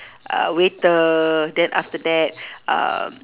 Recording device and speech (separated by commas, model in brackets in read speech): telephone, conversation in separate rooms